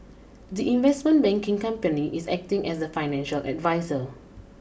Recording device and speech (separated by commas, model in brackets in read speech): boundary microphone (BM630), read sentence